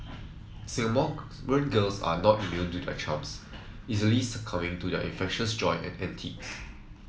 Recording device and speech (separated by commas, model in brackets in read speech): mobile phone (iPhone 7), read sentence